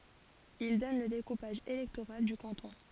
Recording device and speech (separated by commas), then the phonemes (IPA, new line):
forehead accelerometer, read sentence
il dɔn lə dekupaʒ elɛktoʁal dy kɑ̃tɔ̃